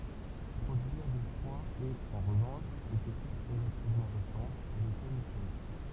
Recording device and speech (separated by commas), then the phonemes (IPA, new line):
temple vibration pickup, read sentence
pʁodyiʁ dy fʁwa ɛt ɑ̃ ʁəvɑ̃ʃ yn tɛknik ʁəlativmɑ̃ ʁesɑ̃t a leʃɛl istoʁik